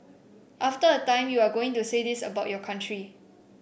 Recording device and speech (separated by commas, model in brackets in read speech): boundary microphone (BM630), read sentence